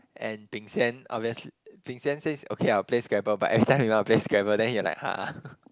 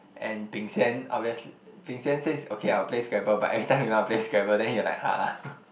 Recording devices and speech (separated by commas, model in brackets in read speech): close-talking microphone, boundary microphone, conversation in the same room